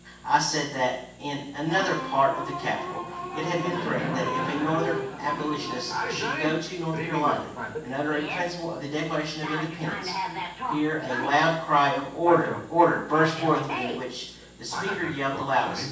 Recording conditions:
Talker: one person; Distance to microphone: 9.8 m; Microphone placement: far; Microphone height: 1.8 m; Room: large; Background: television

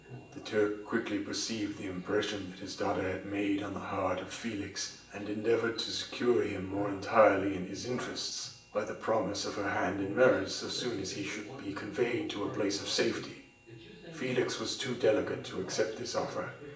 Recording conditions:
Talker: one person; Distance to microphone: 1.8 m; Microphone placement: close; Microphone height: 1.0 m; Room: large; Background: television

